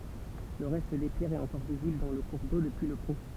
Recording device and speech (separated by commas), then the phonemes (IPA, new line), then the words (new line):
temple vibration pickup, read sentence
lə ʁɛst de pjɛʁz ɛt ɑ̃kɔʁ vizibl dɑ̃ lə kuʁ do dəpyi lə pɔ̃
Le reste des pierres est encore visible dans le cours d'eau, depuis le pont.